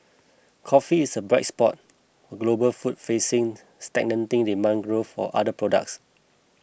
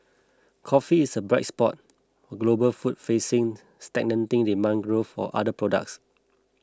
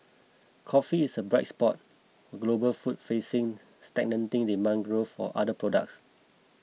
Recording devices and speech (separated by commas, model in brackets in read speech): boundary microphone (BM630), close-talking microphone (WH20), mobile phone (iPhone 6), read sentence